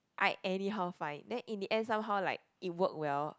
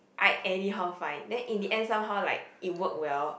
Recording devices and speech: close-talking microphone, boundary microphone, conversation in the same room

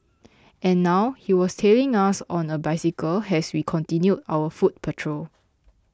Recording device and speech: close-talking microphone (WH20), read sentence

